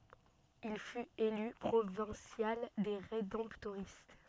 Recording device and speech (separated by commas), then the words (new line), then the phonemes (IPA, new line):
soft in-ear microphone, read sentence
Il fut élu Provincial des Rédemptoristes.
il fyt ely pʁovɛ̃sjal de ʁedɑ̃ptoʁist